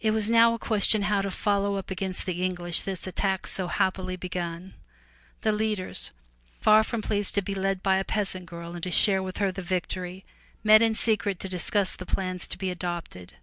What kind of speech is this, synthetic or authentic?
authentic